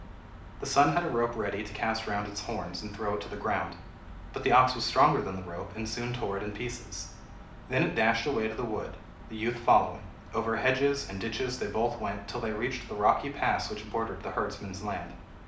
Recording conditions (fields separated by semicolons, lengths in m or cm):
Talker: one person; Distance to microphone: 2.0 m; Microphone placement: close; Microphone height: 99 cm; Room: medium-sized (5.7 m by 4.0 m); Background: none